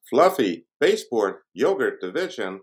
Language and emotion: English, surprised